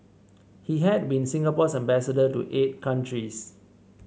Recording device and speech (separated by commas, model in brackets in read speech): mobile phone (Samsung C7), read sentence